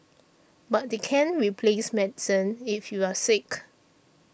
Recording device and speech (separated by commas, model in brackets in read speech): boundary microphone (BM630), read sentence